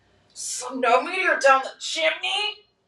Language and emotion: English, disgusted